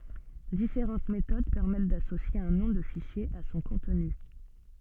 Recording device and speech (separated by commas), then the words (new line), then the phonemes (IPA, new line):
soft in-ear microphone, read sentence
Différentes méthodes permettent d'associer un nom de fichier à son contenu.
difeʁɑ̃t metod pɛʁmɛt dasosje œ̃ nɔ̃ də fiʃje a sɔ̃ kɔ̃tny